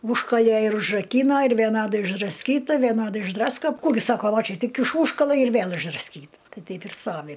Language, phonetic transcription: Lithuanian, ˈūžkalė ir užraˈkyno ir vieˈnadai išdrasˈkyta veˈnadai išˈdrasko ˈkų gi ˈsako ˈva ˈčia ˈtik iš ˈūžkala ir ˈvėl išdrasˈkyta ˈtai ˈteip ir ˈstovi

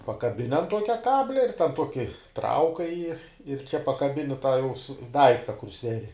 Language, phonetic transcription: Lithuanian, pakaˈbini an ˈtuokia ˈkablia ir ten ˈtuoki ˈtraukai ji ir čia pakaˈbini tą jau su ˈdaikta kur ˈsveri

